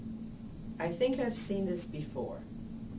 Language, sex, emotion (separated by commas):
English, female, neutral